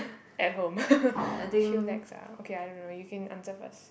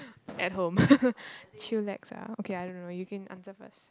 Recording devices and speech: boundary microphone, close-talking microphone, conversation in the same room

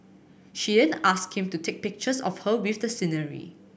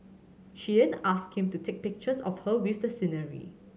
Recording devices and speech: boundary microphone (BM630), mobile phone (Samsung C7100), read sentence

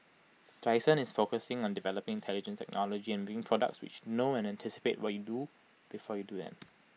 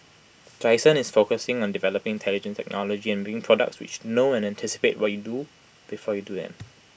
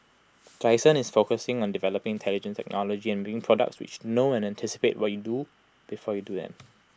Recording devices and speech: mobile phone (iPhone 6), boundary microphone (BM630), close-talking microphone (WH20), read sentence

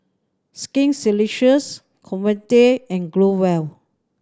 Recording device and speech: standing microphone (AKG C214), read sentence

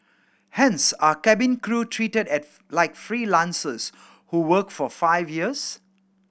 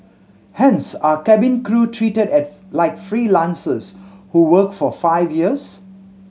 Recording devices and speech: boundary microphone (BM630), mobile phone (Samsung C7100), read sentence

